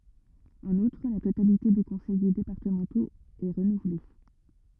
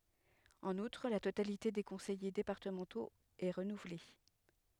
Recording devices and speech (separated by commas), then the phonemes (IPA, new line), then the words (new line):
rigid in-ear microphone, headset microphone, read sentence
ɑ̃n utʁ la totalite de kɔ̃sɛje depaʁtəmɑ̃toz ɛ ʁənuvle
En outre, la totalité des conseillers départementaux est renouvelée.